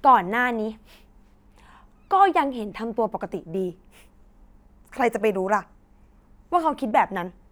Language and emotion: Thai, frustrated